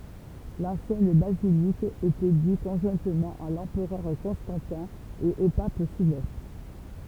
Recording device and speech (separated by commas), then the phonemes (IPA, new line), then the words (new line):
temple vibration pickup, read sentence
lɑ̃sjɛn bazilik etɛ dy kɔ̃ʒwɛ̃tmɑ̃ a lɑ̃pʁœʁ kɔ̃stɑ̃tɛ̃ e o pap silvɛstʁ
L'ancienne basilique était due conjointement à l'empereur Constantin et au Pape Sylvestre.